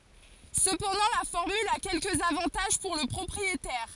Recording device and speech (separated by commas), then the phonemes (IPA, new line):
forehead accelerometer, read sentence
səpɑ̃dɑ̃ la fɔʁmyl a kɛlkəz avɑ̃taʒ puʁ lə pʁɔpʁietɛʁ